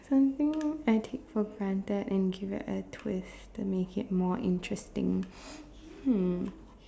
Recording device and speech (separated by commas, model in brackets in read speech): standing microphone, conversation in separate rooms